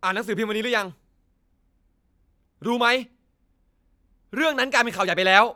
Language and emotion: Thai, angry